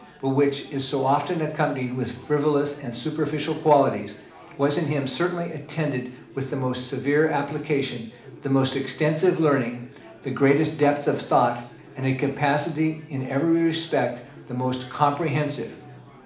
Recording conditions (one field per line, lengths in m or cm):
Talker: one person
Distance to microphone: 2.0 m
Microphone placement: close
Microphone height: 99 cm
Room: medium-sized (5.7 m by 4.0 m)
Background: babble